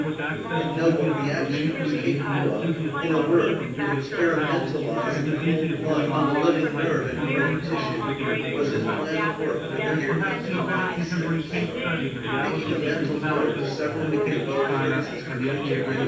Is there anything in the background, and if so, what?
Crowd babble.